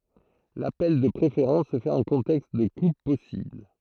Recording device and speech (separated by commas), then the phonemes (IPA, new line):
throat microphone, read sentence
lapɛl də pʁefeʁɑ̃s sə fɛt ɑ̃ kɔ̃tɛkst də kup pɔsibl